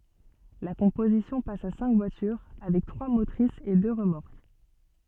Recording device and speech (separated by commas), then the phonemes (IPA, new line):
soft in-ear microphone, read sentence
la kɔ̃pozisjɔ̃ pas a sɛ̃k vwatyʁ avɛk tʁwa motʁisz e dø ʁəmɔʁk